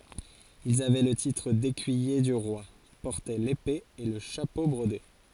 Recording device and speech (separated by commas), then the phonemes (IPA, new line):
forehead accelerometer, read sentence
ilz avɛ lə titʁ dekyije dy ʁwa pɔʁtɛ lepe e lə ʃapo bʁode